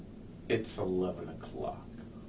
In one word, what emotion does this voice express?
neutral